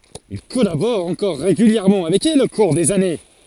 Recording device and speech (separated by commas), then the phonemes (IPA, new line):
forehead accelerometer, read sentence
il kɔlabɔʁ ɑ̃kɔʁ ʁeɡyljɛʁmɑ̃ avɛk ɛl o kuʁ dez ane